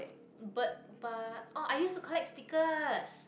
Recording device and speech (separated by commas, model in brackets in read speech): boundary microphone, conversation in the same room